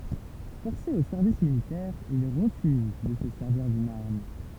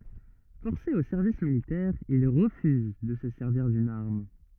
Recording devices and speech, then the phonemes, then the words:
temple vibration pickup, rigid in-ear microphone, read sentence
fɔʁse o sɛʁvis militɛʁ il ʁəfyz də sə sɛʁviʁ dyn aʁm
Forcé au service militaire, il refuse de se servir d'une arme.

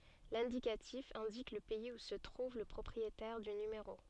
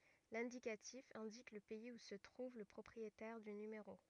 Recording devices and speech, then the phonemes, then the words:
soft in-ear microphone, rigid in-ear microphone, read sentence
lɛ̃dikatif ɛ̃dik lə pɛiz u sə tʁuv lə pʁɔpʁietɛʁ dy nymeʁo
L'indicatif indique le pays où se trouve le propriétaire du numéro.

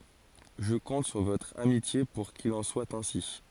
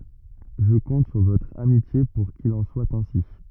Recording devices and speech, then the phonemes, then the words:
forehead accelerometer, rigid in-ear microphone, read sentence
ʒə kɔ̃t syʁ votʁ amitje puʁ kil ɑ̃ swa ɛ̃si
Je compte sur votre amitié pour qu'il en soit ainsi.

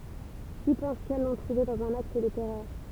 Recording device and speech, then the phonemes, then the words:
temple vibration pickup, read sentence
ki pɑ̃s kɛl lɔ̃ tʁuve dɑ̃z œ̃n akt də tɛʁœʁ
Qui pensent qu'elles l'ont trouvée dans un acte de terreur.

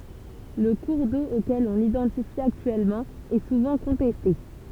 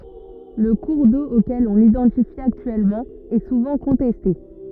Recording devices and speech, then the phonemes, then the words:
temple vibration pickup, rigid in-ear microphone, read sentence
lə kuʁ do okɛl ɔ̃ lidɑ̃tifi aktyɛlmɑ̃ ɛ suvɑ̃ kɔ̃tɛste
Le cours d'eau auquel on l'identifie actuellement est souvent contesté.

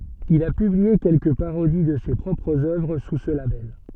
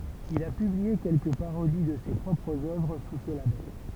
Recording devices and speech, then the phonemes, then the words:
soft in-ear microphone, temple vibration pickup, read sentence
il a pyblie kɛlkə paʁodi də se pʁɔpʁz œvʁ su sə labɛl
Il a publié quelques parodies de ses propres œuvres sous ce label.

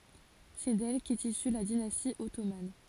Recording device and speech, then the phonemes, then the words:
forehead accelerometer, read sentence
sɛ dɛl kɛt isy la dinasti ɔtoman
C'est d'elle qu'est issue la dynastie ottomane.

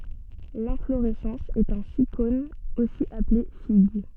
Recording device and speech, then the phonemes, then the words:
soft in-ear microphone, read sentence
lɛ̃floʁɛsɑ̃s ɛt œ̃ sikon osi aple fiɡ
L'inflorescence est un sycone, aussi appelé figue.

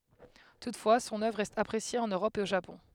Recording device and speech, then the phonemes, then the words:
headset microphone, read sentence
tutfwa sɔ̃n œvʁ ʁɛst apʁesje ɑ̃n øʁɔp e o ʒapɔ̃
Toutefois son œuvre reste appréciée en Europe et au Japon.

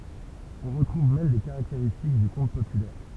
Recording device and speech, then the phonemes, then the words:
temple vibration pickup, read sentence
ɔ̃ ʁətʁuv mɛm de kaʁakteʁistik dy kɔ̃t popylɛʁ
On retrouve même des caractéristiques du conte populaire.

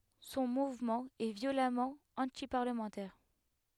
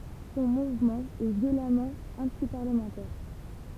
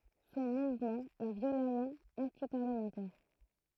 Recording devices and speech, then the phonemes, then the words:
headset microphone, temple vibration pickup, throat microphone, read sentence
sɔ̃ muvmɑ̃ ɛ vjolamɑ̃ ɑ̃tipaʁləmɑ̃tɛʁ
Son mouvement est violemment antiparlementaire.

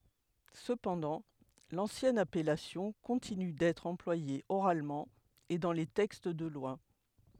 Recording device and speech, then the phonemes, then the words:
headset microphone, read sentence
səpɑ̃dɑ̃ lɑ̃sjɛn apɛlasjɔ̃ kɔ̃tiny dɛtʁ ɑ̃plwaje oʁalmɑ̃ e dɑ̃ le tɛkst də lwa
Cependant, l'ancienne appellation continue d'être employée oralement et dans les textes de loi.

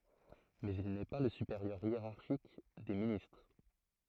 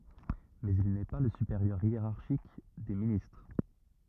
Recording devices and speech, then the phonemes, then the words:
throat microphone, rigid in-ear microphone, read sentence
mɛz il nɛ pa lə sypeʁjœʁ jeʁaʁʃik de ministʁ
Mais il n'est pas le supérieur hiérarchique des ministres.

